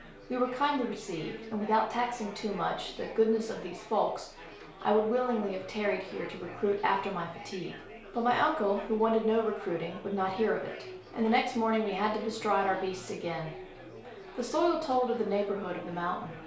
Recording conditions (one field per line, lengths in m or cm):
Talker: one person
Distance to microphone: 1.0 m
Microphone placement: close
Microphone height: 1.1 m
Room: small (3.7 m by 2.7 m)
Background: babble